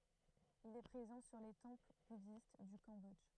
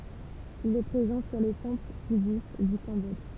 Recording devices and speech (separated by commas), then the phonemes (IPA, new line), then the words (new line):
throat microphone, temple vibration pickup, read sentence
il ɛ pʁezɑ̃ syʁ le tɑ̃pl budist dy kɑ̃bɔdʒ
Il est présent sur les temples bouddhistes du Cambodge.